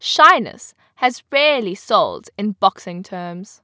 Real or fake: real